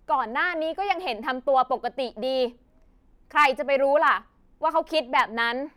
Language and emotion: Thai, angry